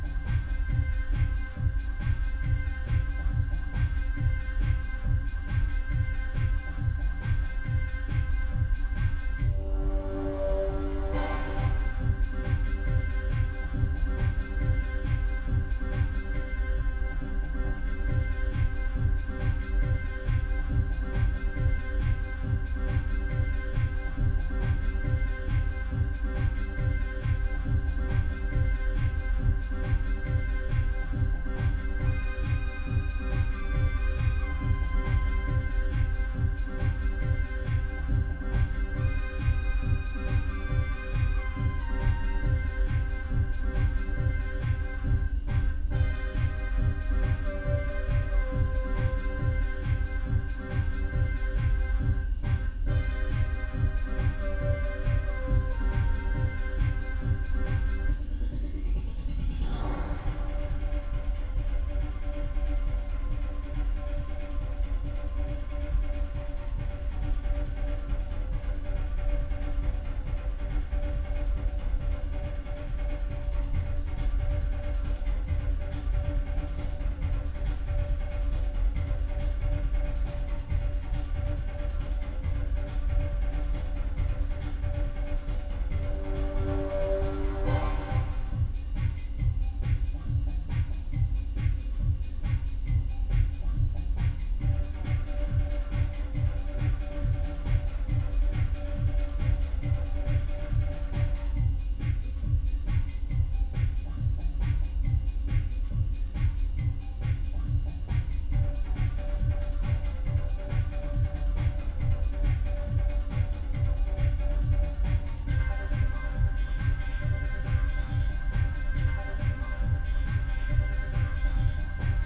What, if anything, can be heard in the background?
Music.